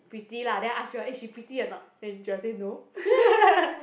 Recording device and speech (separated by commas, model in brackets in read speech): boundary microphone, conversation in the same room